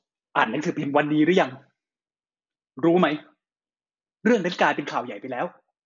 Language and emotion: Thai, frustrated